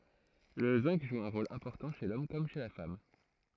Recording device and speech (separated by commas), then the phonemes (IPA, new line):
throat microphone, read sentence
lə zɛ̃ɡ ʒu œ̃ ʁol ɛ̃pɔʁtɑ̃ ʃe lɔm kɔm ʃe la fam